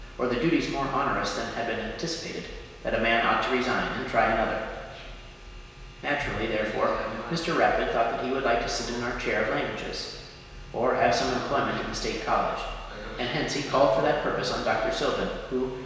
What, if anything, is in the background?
A television.